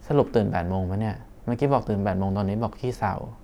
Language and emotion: Thai, frustrated